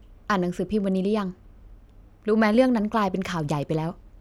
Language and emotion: Thai, frustrated